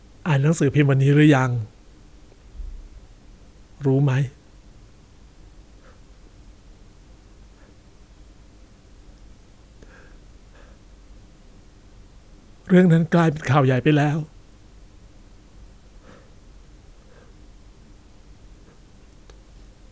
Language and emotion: Thai, sad